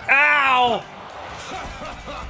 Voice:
falsetto